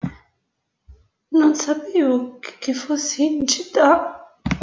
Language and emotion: Italian, fearful